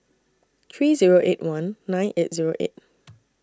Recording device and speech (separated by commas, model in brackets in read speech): standing microphone (AKG C214), read sentence